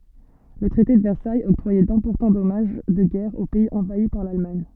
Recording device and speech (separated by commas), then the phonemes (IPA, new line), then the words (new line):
soft in-ear microphone, read sentence
lə tʁɛte də vɛʁsajz ɔktʁwajɛ dɛ̃pɔʁtɑ̃ dɔmaʒ də ɡɛʁ o pɛiz ɑ̃vai paʁ lalmaɲ
Le traité de Versailles octroyait d'importants dommages de guerre aux pays envahis par l'Allemagne.